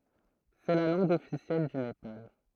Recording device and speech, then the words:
throat microphone, read sentence
C'est la langue officielle du Népal.

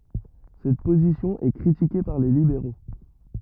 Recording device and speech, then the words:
rigid in-ear microphone, read sentence
Cette position est critiquée par les libéraux.

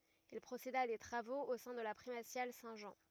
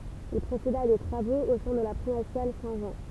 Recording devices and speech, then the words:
rigid in-ear microphone, temple vibration pickup, read sentence
Il procéda à des travaux au sein de la primatiale Saint-Jean.

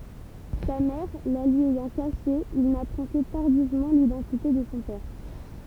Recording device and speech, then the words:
temple vibration pickup, read sentence
Sa mère la lui ayant cachée, il n'apprend que tardivement l'identité de son père.

